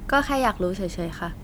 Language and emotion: Thai, neutral